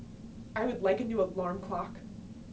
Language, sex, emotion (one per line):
English
female
neutral